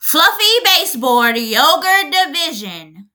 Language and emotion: English, disgusted